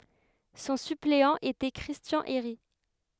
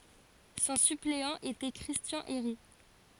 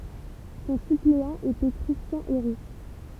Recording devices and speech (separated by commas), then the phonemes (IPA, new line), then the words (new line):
headset microphone, forehead accelerometer, temple vibration pickup, read sentence
sɔ̃ sypleɑ̃ etɛ kʁistjɑ̃ eʁi
Son suppléant était Christian Héry.